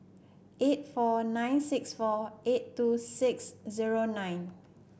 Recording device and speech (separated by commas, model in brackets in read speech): boundary microphone (BM630), read sentence